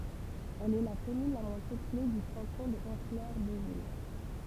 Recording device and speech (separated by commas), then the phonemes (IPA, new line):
temple vibration pickup, read sentence
ɛl ɛ la kɔmyn la mwɛ̃ pøple dy kɑ̃tɔ̃ də ɔ̃flœʁ dovil